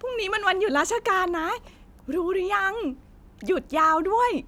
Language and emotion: Thai, happy